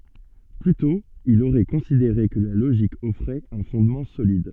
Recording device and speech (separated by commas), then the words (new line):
soft in-ear microphone, read sentence
Plus tôt, il aurait considéré que la logique offrait un fondement solide.